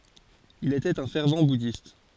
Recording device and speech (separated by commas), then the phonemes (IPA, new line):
forehead accelerometer, read sentence
il etɛt œ̃ fɛʁv budist